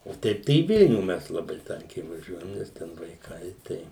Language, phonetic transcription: Lithuanian, o ˈteip tai į ˈvilnių ˈmes laˈbai ˈtankiai vaˈžiuojam ˈnes ten vaiˈkai ˈtai

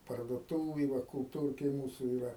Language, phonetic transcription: Lithuanian, parduoˈtūvėj ˈva kulˈtūrkėj ˈmūsu iˈra

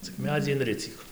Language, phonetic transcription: Lithuanian, cik ˈmedzį inˈricyk

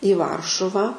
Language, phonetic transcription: Lithuanian, i ˈvaršuvą

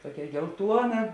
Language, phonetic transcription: Lithuanian, ˈtokia gelˈtuona

